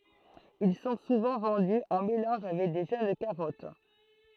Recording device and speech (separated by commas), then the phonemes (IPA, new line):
throat microphone, read sentence
il sɔ̃ suvɑ̃ vɑ̃dy ɑ̃ melɑ̃ʒ avɛk də ʒøn kaʁɔt